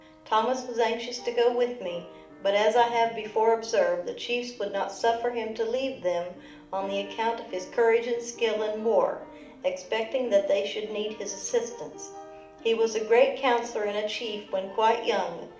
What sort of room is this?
A mid-sized room (about 5.7 m by 4.0 m).